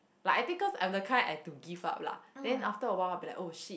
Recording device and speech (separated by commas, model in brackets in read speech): boundary microphone, conversation in the same room